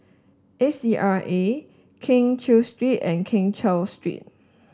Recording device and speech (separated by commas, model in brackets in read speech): standing microphone (AKG C214), read sentence